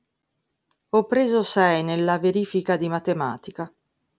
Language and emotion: Italian, sad